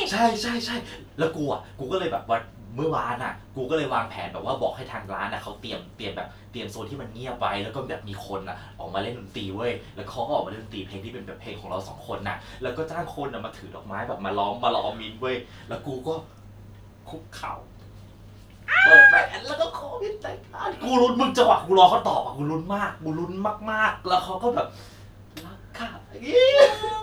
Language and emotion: Thai, happy